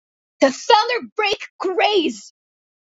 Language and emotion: English, disgusted